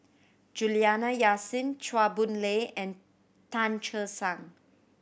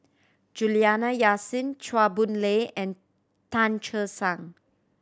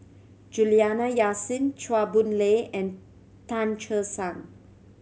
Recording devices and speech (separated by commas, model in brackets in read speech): boundary microphone (BM630), standing microphone (AKG C214), mobile phone (Samsung C7100), read sentence